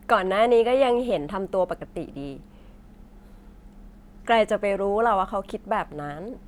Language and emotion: Thai, neutral